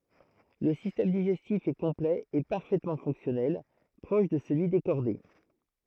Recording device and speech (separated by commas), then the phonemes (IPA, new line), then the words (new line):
throat microphone, read sentence
lə sistɛm diʒɛstif ɛ kɔ̃plɛ e paʁfɛtmɑ̃ fɔ̃ksjɔnɛl pʁɔʃ də səlyi de ʃɔʁde
Le système digestif est complet et parfaitement fonctionnel, proche de celui des chordés.